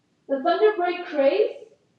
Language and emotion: English, neutral